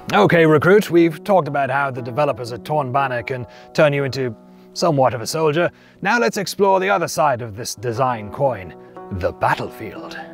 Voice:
knightly voice